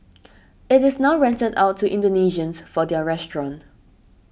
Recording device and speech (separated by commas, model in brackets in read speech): boundary microphone (BM630), read sentence